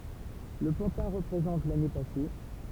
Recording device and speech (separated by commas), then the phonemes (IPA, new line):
temple vibration pickup, read sentence
lə pɑ̃tɛ̃ ʁəpʁezɑ̃t lane pase